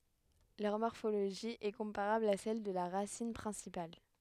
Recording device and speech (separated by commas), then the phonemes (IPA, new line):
headset microphone, read sentence
lœʁ mɔʁfoloʒi ɛ kɔ̃paʁabl a sɛl də la ʁasin pʁɛ̃sipal